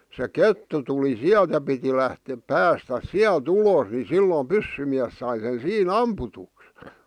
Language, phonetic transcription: Finnish, se "kettu tuli "siält ja piti lähte- , "päästäs "siäl"t ‿ulòs ni "sillo "pyssymiäs sai sen̬ 'sii"n ‿amputuks .
- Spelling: se kettu tuli sieltä ja piti - päästä sieltä ulos niin silloin pyssymies sai sen siinä ammutuksi

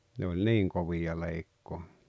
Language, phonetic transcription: Finnish, ne oĺ "niiŋ kovija 'leikkoo .
- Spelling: ne oli niin kovia leikkaamaan

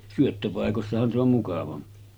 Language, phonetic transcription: Finnish, syöttöpàekossahan se ‿om 'mukavampi .
- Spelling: syöttöpaikoissahan se on mukavampi

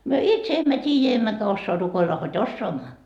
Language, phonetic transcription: Finnish, myö "itse 'emmä t́iijä emmäkä 'ossoa rukoilla hod "ossoamma .
- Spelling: me itse emme tiedä emmekä osaa rukoilla hod osaamme

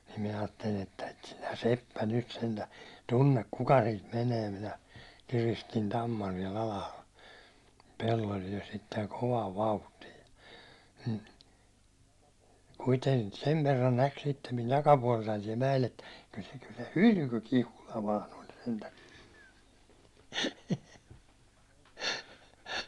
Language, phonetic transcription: Finnish, nim minä aattelin ‿että » et sinä "seppä nyt sentää , 'tunnek 'kuk siit menee « minä , 'kiristin 'tamman siɛl ‿alahal , pellol jo sitteŋ 'kovaav 'vauhtii , kuiteŋ- , 'sev verran 'näk sittem min 'takapuåltain siɛl mä₍el ettᴀ̈ » kyl se kyl se "hylky 'Kihula vaan ‿oĺ sentä « .
- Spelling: niin minä ajattelin että et sinä seppä nyt sentään tunne kuka siitä menee minä kiristin tamman siellä alhaalla pellolla jo sitten kovaan vauhtiin - sen verran näki sitten minun takapuoltani siellä mäellä että kyllä se kyllä se hylky Kihula vain oli sentään

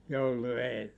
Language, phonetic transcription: Finnish, 'joulu 'eellä .
- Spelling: joulu edellä

